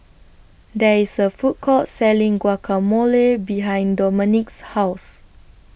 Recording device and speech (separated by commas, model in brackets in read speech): boundary microphone (BM630), read sentence